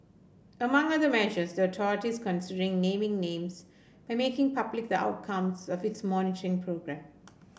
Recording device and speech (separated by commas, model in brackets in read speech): boundary microphone (BM630), read sentence